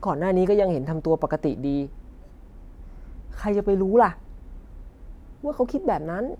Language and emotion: Thai, frustrated